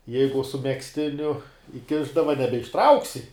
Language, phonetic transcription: Lithuanian, ˈjeigu su megzˈtiniu iˈkišdava nebeišˈtrauksi

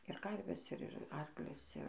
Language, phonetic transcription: Lithuanian, ir ˈkarves ˈir ir ˈarklius ˈir

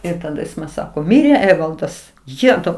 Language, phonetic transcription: Lithuanian, ir taˈda ˈjis man ˈsako ˈmirė ˈevaldas ˈjetau

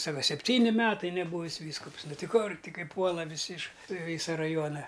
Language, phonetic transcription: Lithuanian, ˈsaka sepˈtyni ˈmetai neˈbūvis ˈvyskups ˈnu ˈti ˈkur ˈti ˈkai ˈpuola viˈsi iš ˈvysa raˈjuona

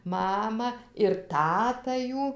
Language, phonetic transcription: Lithuanian, ˈmama ir ˈtata ˈjų

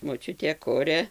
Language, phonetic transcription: Lithuanian, moˈčiutė ˈkuria

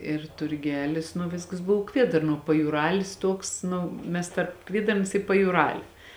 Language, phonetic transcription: Lithuanian, ir turˈgelis nu ˈviskas ˈbuv ˈkviedarnuo pajūˈralis ˈtuoks ˈnu ˈmes tarp ˈkviedarns i pajūˈrali

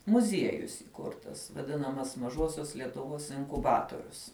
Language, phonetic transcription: Lithuanian, muˈziejus įˈkurtas vaˈdinamas maˈžosios lietuˈvos inkuˈbatorius

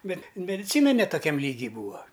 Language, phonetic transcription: Lithuanian, ˈbet mediˈcyna ne toˈkiam ˈlygy ˈbūa

